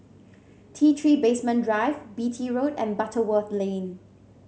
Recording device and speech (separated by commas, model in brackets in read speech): mobile phone (Samsung C7), read sentence